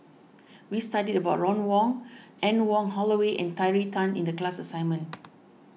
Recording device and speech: mobile phone (iPhone 6), read sentence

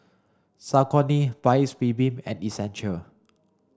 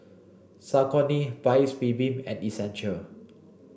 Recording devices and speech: standing microphone (AKG C214), boundary microphone (BM630), read sentence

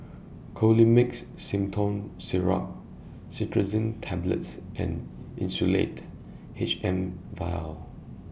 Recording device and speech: boundary microphone (BM630), read sentence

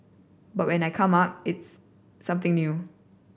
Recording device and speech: boundary microphone (BM630), read sentence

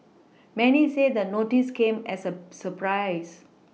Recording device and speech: mobile phone (iPhone 6), read sentence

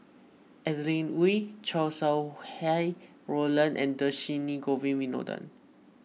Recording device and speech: mobile phone (iPhone 6), read sentence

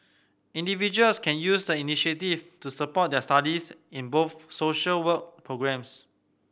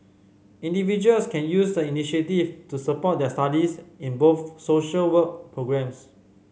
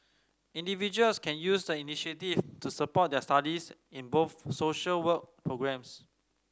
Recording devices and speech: boundary microphone (BM630), mobile phone (Samsung C5010), standing microphone (AKG C214), read sentence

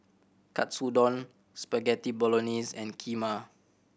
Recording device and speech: boundary microphone (BM630), read sentence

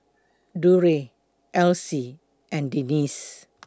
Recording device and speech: close-talking microphone (WH20), read sentence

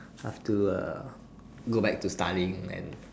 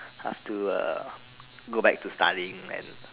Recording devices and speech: standing microphone, telephone, conversation in separate rooms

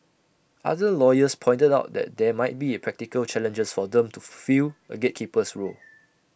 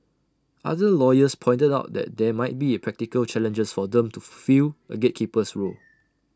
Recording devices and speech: boundary microphone (BM630), standing microphone (AKG C214), read sentence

